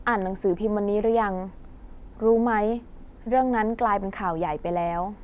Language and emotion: Thai, neutral